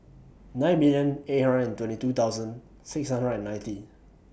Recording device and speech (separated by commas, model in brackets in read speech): boundary microphone (BM630), read sentence